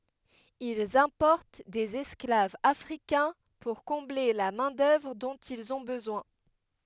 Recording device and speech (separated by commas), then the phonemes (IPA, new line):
headset microphone, read sentence
ilz ɛ̃pɔʁt dez ɛsklavz afʁikɛ̃ puʁ kɔ̃ble la mɛ̃ dœvʁ dɔ̃t ilz ɔ̃ bəzwɛ̃